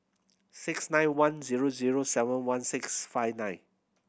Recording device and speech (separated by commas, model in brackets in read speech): boundary microphone (BM630), read sentence